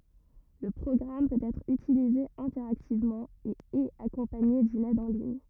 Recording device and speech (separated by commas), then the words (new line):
rigid in-ear microphone, read sentence
Le programme peut être utilisé interactivement, et est accompagné d'une aide en ligne.